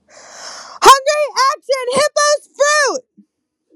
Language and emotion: English, sad